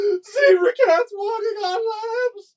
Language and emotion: English, sad